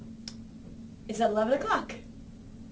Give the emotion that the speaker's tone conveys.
happy